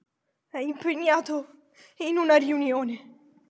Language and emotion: Italian, fearful